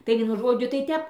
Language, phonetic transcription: Lithuanian, tai ˈvienu ˈžodžiu tai ˈtep

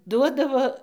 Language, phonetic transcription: Lithuanian, ˈduodavo

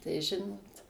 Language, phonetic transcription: Lithuanian, tai ˈžinot

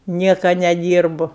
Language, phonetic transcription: Lithuanian, ˈnieka neˈdyrbu

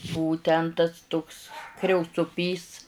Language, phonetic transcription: Lithuanian, ˈbuvu ˈten tas tuks kriaucuˈpys

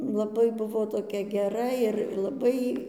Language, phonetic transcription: Lithuanian, laˈbai ˈbuvo toˈkia geˈra ir laˈbai

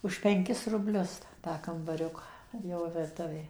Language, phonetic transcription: Lithuanian, už penˈkis rubˈlius tą ˌkambaˈriuka ir ˈjau virˈtuvė

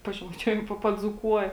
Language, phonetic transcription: Lithuanian, pažemaiˈčiuojam ˈpa paˈdzūkuoja

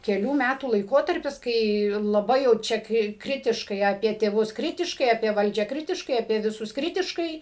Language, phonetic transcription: Lithuanian, keˈlių ˈmætų laiˈkotarpis ˈkai laˈbai jau ˈčia ˈkri ˈkritiškai aˈpie tėˈvus ˈkritiškai apie ˈvaldžią ˈkritiškai apie viˈsus ˈkritiškai

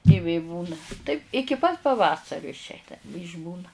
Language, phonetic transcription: Lithuanian, i ˈvė ˈbūna taip ˈ iki pat paˈvasariu išˈeina iš'ˈbūna

